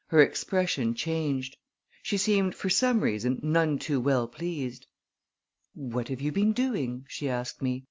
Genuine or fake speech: genuine